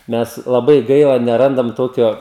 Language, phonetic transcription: Lithuanian, ˈmes laˈbai ˈgaila neˈrandam ˈtokio

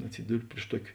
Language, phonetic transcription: Lithuanian, atˈsiduri priš ˈtuoki

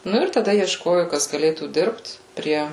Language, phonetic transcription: Lithuanian, ˈnu ir taˈda iešˈkoju ˈkas gaˈlėtų ˈdirbt ˈprie

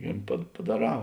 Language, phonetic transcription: Lithuanian, i pa padaˈrā

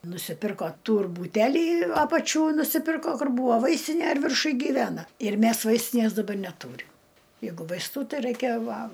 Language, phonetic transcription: Lithuanian, nusiˈpirko ˈtūr būˈteli ˈapačiū nusiˈpirko ˈkur ˈbuvo ˈvaistinė ir virˈšuj gyˈvena ir ˈmæs ˈvaistinės daˈbar neˈtūrim ˈjeigu vaisˈtų ˈtai ˈraikia ˈva

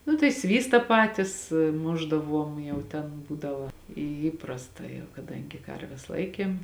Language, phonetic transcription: Lithuanian, ˈnu tai ˈsvysta ˈpatis ˈmušdaˌvuom ˈjau ten ˈbūdava į ˈįprasta jau kaˈdangi ˈkarves ˈlaikėm

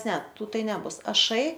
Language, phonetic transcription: Lithuanian, ˈne ˈtų ˈtai neˈbus aˈšai

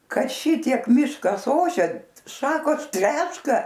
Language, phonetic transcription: Lithuanian, ˈka ˈšitiek ˈmiškas ˈošia ˈšakos ˈtreška

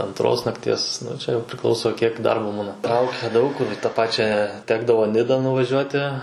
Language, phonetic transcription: Lithuanian, anˈtros nakˈties ˈnu čia jau priˈklauso kiek ˈdarbo ˈbūna ˈtraukia ˈdaug kur i tą ˈpačią ˈtekdavo ˈnida nuvaˈžiuoti

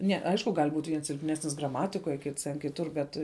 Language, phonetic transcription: Lithuanian, ne ˈaišku gal' būt' viens silpˈnesnis graˈmatikoj kits ten kiˈtur bet

